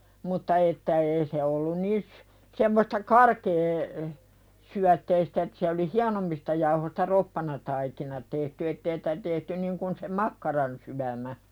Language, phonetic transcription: Finnish, mutta että 'ee se ollun niis , semmosta "karkee- , syätteistä et se oli "hianommista jauhosta 'roppanataikina tehty ettee sᴵtä tehty 'niŋ kun se "makkaransyämä .
- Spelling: mutta että ei se ollut niin semmoista - karkeasyötteistä että se oli hienommista jauhoista roppanataikina tehty että ei sitä tehty niin kuin se makkaransyömä

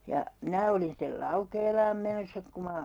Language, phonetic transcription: Finnish, ja , 'minä olin stel "Laukeelaam menossa 'ku ma ,.
- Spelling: ja minä olin sitten Laukeelaan menossa kun minä

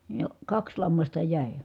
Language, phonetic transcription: Finnish, ja , kaks lammasta jä̀i .
- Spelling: ja kaksi lammasta jäi

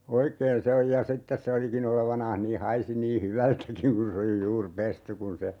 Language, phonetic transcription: Finnish, 'oikeen se oj ja "sittes se 'oliki'n ‿olevanaah nii 'haisi nii "hyvältäkiŋ kun se oli 'juur "pesty kun se ,.
- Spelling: oikein se on ja sitten se olikin olevinaan niin haisi niin hyvältäkin kun se oli juuri pesty kun se

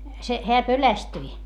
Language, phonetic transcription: Finnish, se , heä pölästyi .
- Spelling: se hän pelästyi

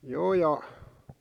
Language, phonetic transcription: Finnish, 'joo ja ,.
- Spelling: joo ja

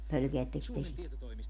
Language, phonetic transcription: Finnish, 'pölkeätteks 'te sitä ?
- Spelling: pelkäättekös te sitä

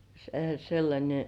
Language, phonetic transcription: Finnish, se- sellańe .
- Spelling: - sellainen

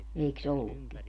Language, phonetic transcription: Finnish, eiks 'ollukki ?
- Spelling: eikös ollutkin

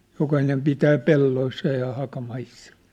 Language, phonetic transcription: Finnish, 'jokahinem 'pitää 'pelloissa ja 'haka'maissa .
- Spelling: jokainen pitää pelloissa ja hakamaissa

